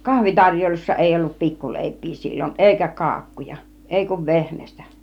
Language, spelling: Finnish, kahvitarjoilussa ei ollut pikkuleipiä silloin eikä kakkuja ei kuin vehnästä
- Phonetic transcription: 'kahvitaŕjoilussa 'èi ollup 'pikkulè̬ip̆pii sil͕l͕on , èikä 'ka§a§kkuja , 'èi kuv "vehnäs̆tä .

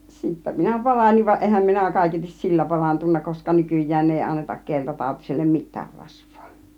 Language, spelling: Finnish, sitten minä paranin vaan enhän minä kaiketi sillä parantunut koska nykyään ei anneta keltatautiselle mitään rasvaa
- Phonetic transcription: 'sittä minä "paraniv va 'ˀehäm minä 'kàiketis "sillä 'parantunna koska 'nykyj̆jään 'èi annetak 'keltatàutisellem "mittäär 'rasV̆VOO .

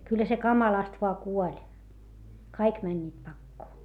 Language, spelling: Finnish, kyllä se kamalasti vain kuoli kaikki menivät pakoon
- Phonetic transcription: kyllä se kamalast voa kuoĺ , kaik mäńńiit pakkoo .

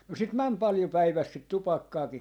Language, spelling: Finnish, no siltä meni paljon päivässä sitä tupakkaakin
- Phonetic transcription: no 'silt "mäm 'palⁱjo 'päiväs sit "tupakkaaki .

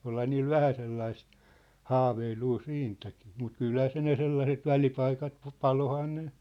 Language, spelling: Finnish, olihan niillä vähän sellaista haaveilua siitäkin mutta kyllähän se ne sellaiset välipaikat - paloihan ne
- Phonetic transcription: 'olha niil "vähä sellaist , "haaveiluu 'siintäkɪɪ , mut "kylhä se ne 'sellaset "välipaikat , pa- "palohaa ne .

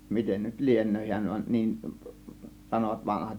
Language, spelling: Finnish, miten nyt lienee hän vaan niin sanoivat vanhat
- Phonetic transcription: miten nyt 'lien̆nöö hiän va 'niin , 'sanovat 'vanahat .

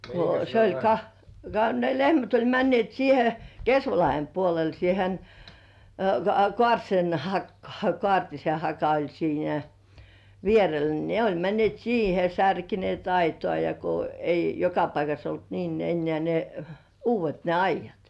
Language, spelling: Finnish, kun se oli ka ka ne lehmät oli menneet siihen Kesvalahden puolelle siihen - Kaartisen hakaan Kaartisenhaka oli siinä vierellä niin ne oli menneet siihen ja särkeneet aitaa ja kun ei joka paikassa ollut niin enää ne uudet ne aidat
- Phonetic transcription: ko se oĺ ka , ka ne 'lehmät oĺ männĭèt siihe "Kesvalahem puolel 'siihen , koa- 'Kŏ§àrtsen hakkŏᴀ̀§ "Koart́isehaka oĺ siinä 'vierel ni 'ne oĺ männĭ§èt "siihe ja 'särkenì§èt "aitoà ja ko ei joka paikas ‿olt 'niin ennĕä̀§ ne , "uuv̆vet ne 'aij̆§jat .

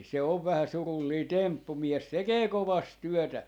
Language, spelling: Finnish, se on vähän surullinen temppu mies tekee kovasti työtä
- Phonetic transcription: se ov vähä 'surullii "temppu 'mies 'tekee "kovast 'tyɔ̈̀tä .

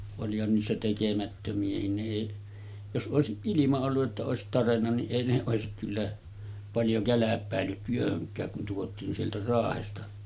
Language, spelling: Finnish, olihan niissä tekemättömiäkin ne ei jos olisi ilman ollut että olisi tarjennut niin ei ne olisi kyllä paljon kälpäillyt työhönkään kun tuotiin sieltä Raahesta
- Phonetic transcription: olihan niissä 'tekemättömi₍ähin ne 'èiˀ , jos '’òesiˀ 'ˀilima ollu’ ’että òesit 'tarenna niˀ 'ˀèi ne òesik kyllä , paljo 'käläp̀ä̀ellyt työhöŋk̀ääk kun tuotiin sieltä 'Raahesta .

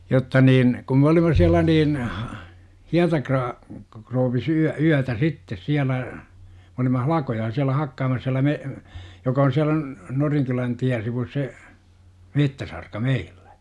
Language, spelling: Finnish, jotta niin kun me olimme siellä niin - hietakrouvisssa - yötä sitten siellä me olimme halkoja siellä hakkaamassa siellä me joka on siellä - Norinkylän tien sivussa se metsäsarka meillä
- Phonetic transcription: 'jotta niin , kum m ‿olima 'siäl̆lä niin , "hiatakraa- , krouvvis 'yä- , yätä "sittes 'siälä , mᵉ olima "halakoja siälä 'hakkaamas siälä 'me- , joka on siälä n- , 'Noriŋkylän 'tiän̬ sivus se , "mettäsarka "meilLÄ .

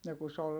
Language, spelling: Finnish, no kun se oli
- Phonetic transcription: no ku s ‿ol ,.

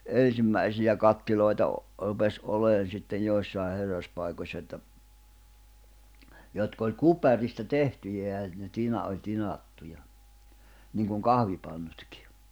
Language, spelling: Finnish, ensimmäisiä kattiloita - rupesi olemaan sitten joissakin herraspaikoissa että jotka oli kuparista tehtyjä ja ne - oli tinattuja niin kuin kahvipannutkin
- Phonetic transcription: 'en̬simmäisiʲä 'kattiloita o- , rupes '’oleen̬ sitten 'joissàe 'herraspàikośsᵃ että , jotk ‿oĺ "kuparista 'tehtyjä ja , ne 'tina- oĺ 'tinattuja , niiŋkuŋ "kahvipanɴᴜtkɪ .

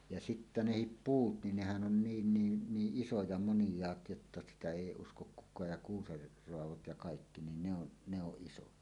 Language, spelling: Finnish, ja sitten nekin puut niin nehän on niin niin niin isoja moniaat jotta sitä ei usko kukaan ja kuusen raadot ja kaikki niin ne on ne on isoja
- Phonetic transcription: ja sittä "nehip "puut nin "nehän ˀon 'niin 'niin 'niiˀ "ˀisoja 'monⁱj̀aat jotta 'sitä "èi 'uskok ’kuk̆kaaj ja ’kuuser roavot ja kaikki nin ne ‿on , ne ‿oˀ 'ˀisoja .

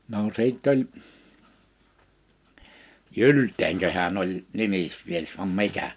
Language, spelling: Finnish, no sitten oli Gyldenköhän oli nimismies vai mikä
- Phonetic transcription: no 'sìtt ‿oĺ , "Jylteŋköhän ‿oĺ , 'nimismies vam 'mikä .

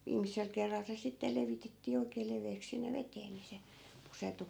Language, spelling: Finnish, viimeisellä kerralla se sitten levitettiin oikein leveäksi sinne veteen niin se pusertui
- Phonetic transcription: 'viimisel kerral se 'sitte levitettii 'oik̀ee leveeks sinne 'vetee ni se , 'pusertu .

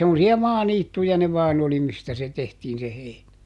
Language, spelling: Finnish, semmoisia maaniittyjä ne vain oli mistä se tehtiin se heinä
- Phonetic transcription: semmosi₍a "maaniittuja ne ˈvaan ‿oli mistä se ˈtehtiin se ˈheinä .

